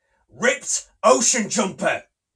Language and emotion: English, angry